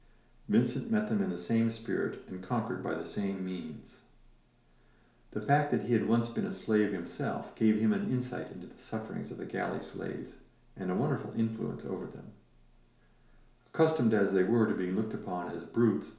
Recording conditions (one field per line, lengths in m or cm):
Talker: one person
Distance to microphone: 1.0 m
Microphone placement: close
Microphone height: 1.1 m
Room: small (3.7 m by 2.7 m)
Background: none